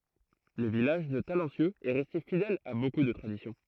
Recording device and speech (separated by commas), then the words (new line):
throat microphone, read sentence
Le village de Talencieux est resté fidèle à beaucoup de traditions.